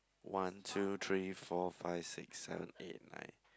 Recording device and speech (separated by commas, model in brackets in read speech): close-talking microphone, conversation in the same room